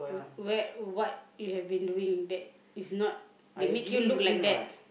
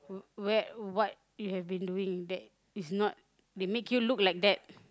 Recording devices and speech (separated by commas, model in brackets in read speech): boundary microphone, close-talking microphone, conversation in the same room